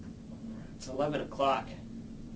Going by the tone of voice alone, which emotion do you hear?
neutral